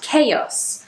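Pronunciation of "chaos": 'Chaos' is pronounced correctly here, with almost an added y sound.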